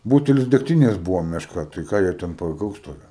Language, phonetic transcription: Lithuanian, ˈbūtelis degˈtinės ˈbūvo mešˈka tai ˈką jie ten paˈgaus ˈtokio

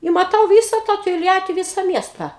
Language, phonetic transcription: Lithuanian, i maˈtau ˈvysa tą tolˈjati ˈvysa ˈmiesta

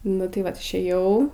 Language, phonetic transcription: Lithuanian, nu tai ˈvat išˈėjau

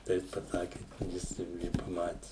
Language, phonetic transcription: Lithuanian, tai ˈjis paˈsaki ˈjis jau ˈi paˈmati

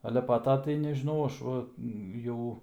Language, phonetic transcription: Lithuanian, ˈale pa ˈto tai nežiˈnau ˈaš ˈva ˈjau

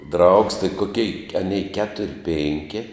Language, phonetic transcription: Lithuanian, draugs tai koˈkei aˈnei ˈketur' ˈpinki

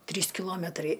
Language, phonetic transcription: Lithuanian, ˈtrys kiˈlometrai

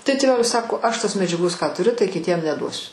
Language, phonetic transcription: Lithuanian, tai tėˈvelis ˈsako ˈaš ˈtos medžiaˈgos ką tuˈriu tai kiˈtiem neˈduosiu

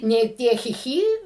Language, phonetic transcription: Lithuanian, ˈnė ˈtie ˈchi ˈchy

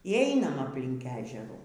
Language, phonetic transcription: Lithuanian, y ˈeinam apˈlink ˈežerų

